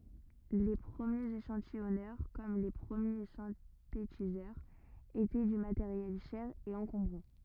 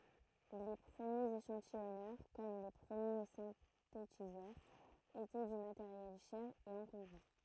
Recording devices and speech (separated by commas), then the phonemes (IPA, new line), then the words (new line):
rigid in-ear microphone, throat microphone, read sentence
le pʁəmjez eʃɑ̃tijɔnœʁ kɔm le pʁəmje sɛ̃tetizœʁz etɛ dy mateʁjɛl ʃɛʁ e ɑ̃kɔ̃bʁɑ̃
Les premiers échantillonneurs, comme les premiers synthétiseurs, étaient du matériel cher et encombrant.